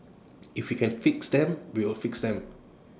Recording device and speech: standing microphone (AKG C214), read sentence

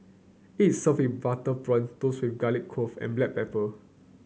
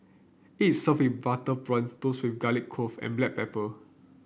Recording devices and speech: mobile phone (Samsung C9), boundary microphone (BM630), read sentence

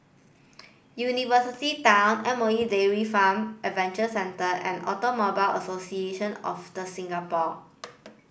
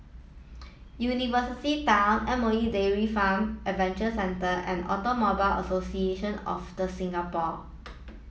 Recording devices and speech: boundary microphone (BM630), mobile phone (iPhone 7), read sentence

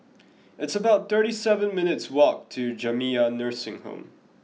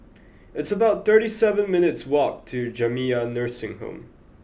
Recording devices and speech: mobile phone (iPhone 6), boundary microphone (BM630), read sentence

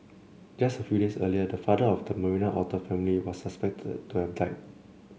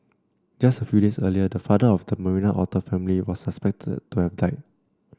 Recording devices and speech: mobile phone (Samsung C7), standing microphone (AKG C214), read sentence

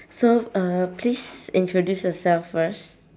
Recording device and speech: standing microphone, conversation in separate rooms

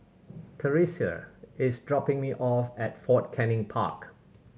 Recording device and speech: mobile phone (Samsung C7100), read sentence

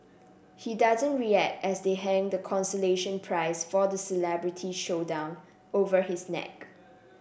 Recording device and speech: boundary microphone (BM630), read sentence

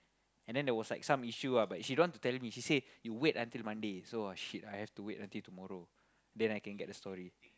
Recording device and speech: close-talking microphone, conversation in the same room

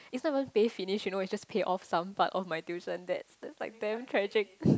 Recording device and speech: close-talking microphone, conversation in the same room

